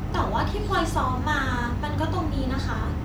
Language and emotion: Thai, frustrated